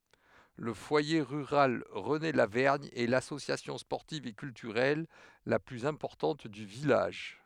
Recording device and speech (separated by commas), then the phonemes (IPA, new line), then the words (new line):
headset microphone, read sentence
lə fwaje ʁyʁal ʁənelavɛʁɲ ɛ lasosjasjɔ̃ spɔʁtiv e kyltyʁɛl la plyz ɛ̃pɔʁtɑ̃t dy vilaʒ
Le foyer rural René-Lavergne est l'association sportive et culturelle la plus importante du village.